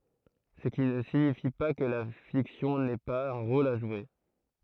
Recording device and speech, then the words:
throat microphone, read sentence
Ce qui ne signifie pas que la fiction n'ait pas un rôle à jouer.

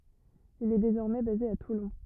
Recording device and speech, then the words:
rigid in-ear microphone, read sentence
Il est désormais basé à Toulon.

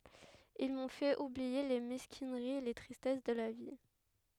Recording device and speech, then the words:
headset microphone, read sentence
Ils m'ont fait oublier les mesquineries et les tristesses de la vie.

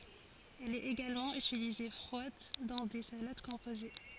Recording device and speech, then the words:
forehead accelerometer, read sentence
Elle est également utilisée froide dans des salades composées.

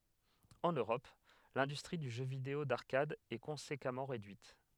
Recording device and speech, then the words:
headset microphone, read sentence
En Europe, l'industrie du jeu vidéo d'arcade est conséquemment réduite.

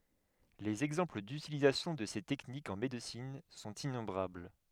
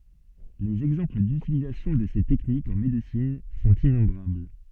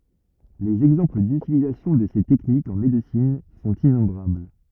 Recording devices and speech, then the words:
headset microphone, soft in-ear microphone, rigid in-ear microphone, read sentence
Les exemples d'utilisation de ces techniques en médecine sont innombrables.

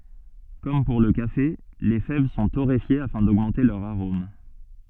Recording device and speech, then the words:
soft in-ear microphone, read sentence
Comme pour le café, les fèves sont torréfiées afin d'augmenter leur arôme.

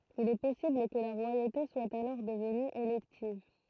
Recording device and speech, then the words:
throat microphone, read sentence
Il est possible que la royauté soit alors devenue élective.

